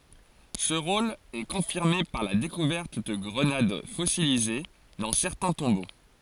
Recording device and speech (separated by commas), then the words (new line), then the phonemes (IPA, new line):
forehead accelerometer, read sentence
Ce rôle est confirmé par la découverte de grenades fossilisées dans certains tombeaux.
sə ʁol ɛ kɔ̃fiʁme paʁ la dekuvɛʁt də ɡʁənad fɔsilize dɑ̃ sɛʁtɛ̃ tɔ̃bo